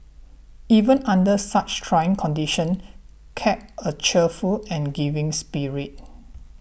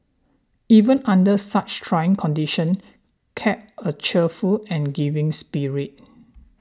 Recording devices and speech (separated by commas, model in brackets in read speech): boundary microphone (BM630), standing microphone (AKG C214), read sentence